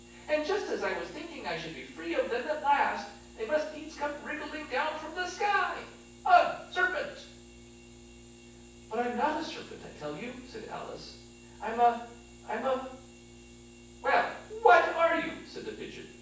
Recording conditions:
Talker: one person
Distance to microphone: 9.8 m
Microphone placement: far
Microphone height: 1.8 m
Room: large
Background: none

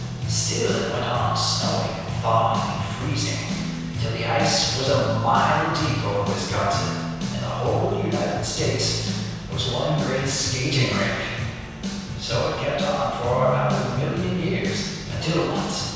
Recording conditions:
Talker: one person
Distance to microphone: 7.1 m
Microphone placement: far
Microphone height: 1.7 m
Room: very reverberant, large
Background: music

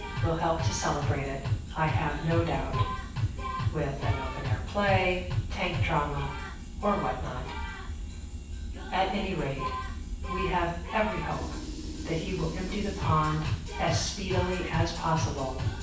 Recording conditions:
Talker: one person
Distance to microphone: 9.8 m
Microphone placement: far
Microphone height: 1.8 m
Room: large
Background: music

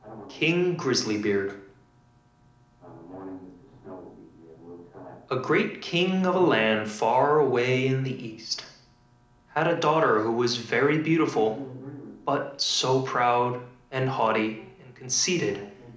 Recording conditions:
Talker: one person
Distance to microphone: 2.0 m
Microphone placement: close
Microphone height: 99 cm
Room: medium-sized (5.7 m by 4.0 m)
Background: television

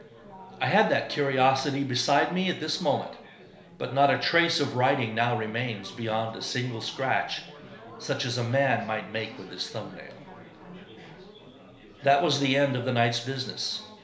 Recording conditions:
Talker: one person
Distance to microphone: 1.0 m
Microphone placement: close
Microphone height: 1.1 m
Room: small (3.7 m by 2.7 m)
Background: babble

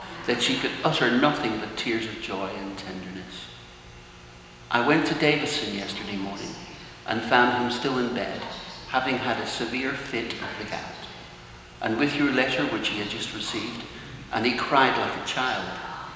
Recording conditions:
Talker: one person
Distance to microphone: 1.7 m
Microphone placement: close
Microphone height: 1.0 m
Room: very reverberant, large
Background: television

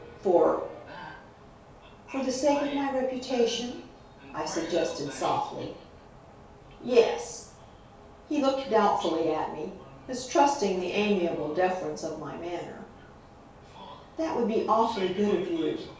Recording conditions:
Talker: one person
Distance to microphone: 3.0 m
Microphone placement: far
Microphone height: 1.8 m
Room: small (3.7 m by 2.7 m)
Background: television

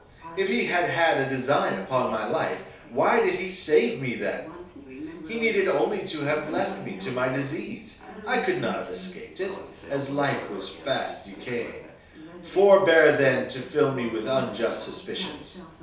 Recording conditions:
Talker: one person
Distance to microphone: 3.0 m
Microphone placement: far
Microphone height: 1.8 m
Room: small (3.7 m by 2.7 m)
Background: television

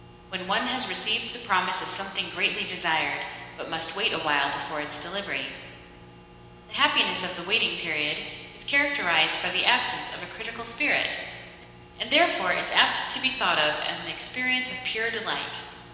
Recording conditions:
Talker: one person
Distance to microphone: 1.7 m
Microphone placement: close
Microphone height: 1.0 m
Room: very reverberant, large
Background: none

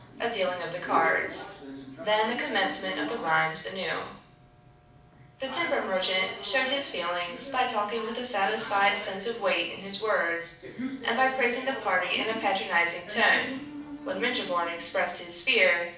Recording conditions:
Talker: one person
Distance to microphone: 5.8 m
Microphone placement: far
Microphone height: 1.8 m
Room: medium-sized (5.7 m by 4.0 m)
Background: television

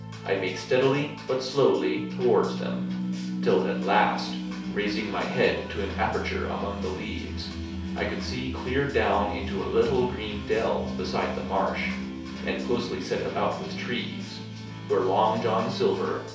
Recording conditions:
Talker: one person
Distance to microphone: 3.0 m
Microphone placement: far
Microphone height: 1.8 m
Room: small (3.7 m by 2.7 m)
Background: music

